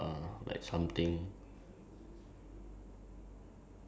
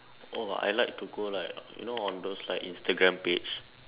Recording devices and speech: standing microphone, telephone, conversation in separate rooms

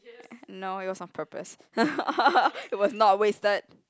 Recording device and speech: close-talking microphone, conversation in the same room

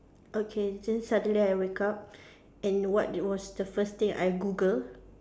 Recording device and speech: standing microphone, conversation in separate rooms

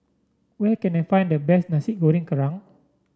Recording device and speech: standing microphone (AKG C214), read sentence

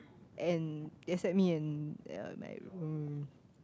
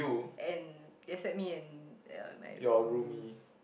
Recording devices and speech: close-talking microphone, boundary microphone, conversation in the same room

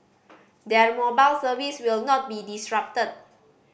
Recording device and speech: boundary microphone (BM630), read sentence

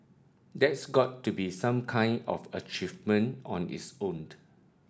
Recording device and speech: standing microphone (AKG C214), read sentence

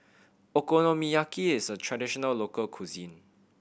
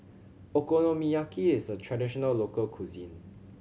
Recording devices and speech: boundary microphone (BM630), mobile phone (Samsung C7100), read sentence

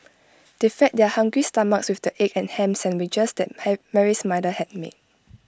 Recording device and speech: close-talking microphone (WH20), read sentence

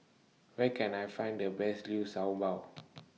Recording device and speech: mobile phone (iPhone 6), read sentence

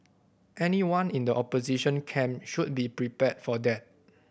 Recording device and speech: boundary microphone (BM630), read sentence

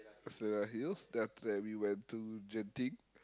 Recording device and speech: close-talking microphone, conversation in the same room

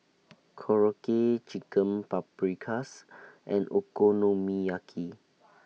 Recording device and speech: mobile phone (iPhone 6), read sentence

